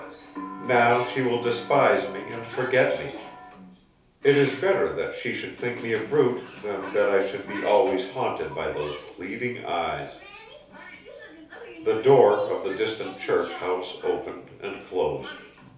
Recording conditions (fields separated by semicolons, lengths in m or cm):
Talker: one person; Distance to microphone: 3.0 m; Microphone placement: far; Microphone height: 1.8 m; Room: small (3.7 m by 2.7 m); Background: television